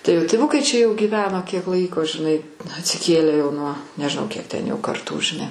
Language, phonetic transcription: Lithuanian, tai jo tiˈvukai čia jo gyˈveno kiek ˈlaiko žiˈnai atsiˈkėlę jau ˈnuo nežiˈnau ˈkiek ten ˈjau karˈtų žiˈnai

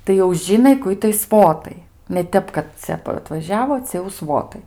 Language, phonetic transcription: Lithuanian, tai jau ˈžinai ku ˈitai ˈsvotai ne ˈtep kad ˈcia atvaˈžiavo ˈcia jau ˈsvotai

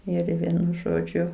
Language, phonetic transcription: Lithuanian, ˈir ˈvienu ˈžodžiu

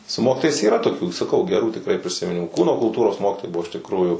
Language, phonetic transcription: Lithuanian, su ˈmokitojais yˈra toˈkių saˈkau geˈrų tikˈrai prisimiˈnimų ˈkūno kulˈtūros ˈmokitojai ˈbuvo iš tikˈrųju

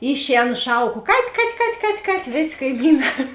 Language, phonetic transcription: Lithuanian, ˈišˌēnu ˈšauˌko kat' kat' kat' kat' kat' ˈvėˌsė kaiˈmyˌnā

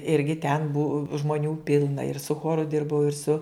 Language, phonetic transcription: Lithuanian, ˈirgi ten buv žmoˈnių ˈpilna ir su ˈchoru ˈdirbau ir su

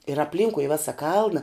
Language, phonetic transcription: Lithuanian, ir apˈlynkui i ˈvesa ˈkalna

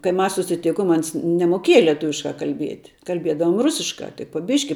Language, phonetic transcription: Lithuanian, kai ˈmas susiˈtikom ˈans nemoˈkieja lieˈtuviškā kalˈbiet kalˈbiedavom ˈrusiškā tai po ˈbiški

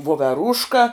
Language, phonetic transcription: Lithuanian, voveˈrūška

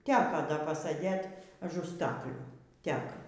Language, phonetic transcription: Lithuanian, ˈteka ˈda paˈsɘdėt aˈžu ˈstaklių ˈtek

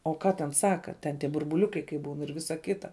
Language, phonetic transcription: Lithuanian, o ˈką ten ˈsaka ten tie burbuˈliukai kai ˈbūn ir ˈvisa ˈkita

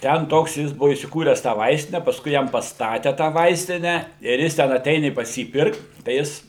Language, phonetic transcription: Lithuanian, ˈten ˈtoks ˈjis ˈbuvo įsiˈkūres tą ˈvaistine pasˈkui ˈjam pasˈtate tą ˈvaistinę ir ˈjis ten aˈteini pas ˈjį pirkt tai ˈjis

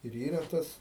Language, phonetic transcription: Lithuanian, ir ˈyra ˈtas

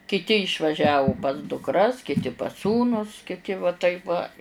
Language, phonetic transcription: Lithuanian, kiˈti išvaˈžiavu pas dukˈras kiˈti pas ˈsūnus kiˈti va ˈtaip va

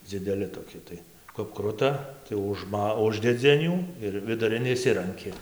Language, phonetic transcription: Lithuanian, dzideˈli toˈki tai kap ˈkruta tai užˈma ˈuždedzi an ˈjų ir viduˈrin išˈsiranki

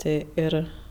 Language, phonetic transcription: Lithuanian, ˈtė ˈir

